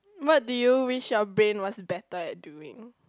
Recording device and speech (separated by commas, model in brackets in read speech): close-talking microphone, conversation in the same room